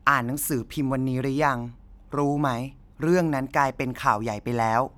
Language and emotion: Thai, neutral